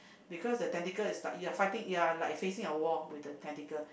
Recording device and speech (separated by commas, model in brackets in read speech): boundary microphone, conversation in the same room